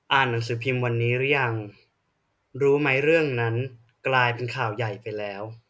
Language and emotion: Thai, neutral